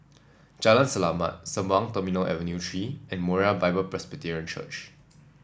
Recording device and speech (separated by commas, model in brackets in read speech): standing microphone (AKG C214), read sentence